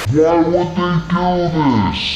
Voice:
low pitched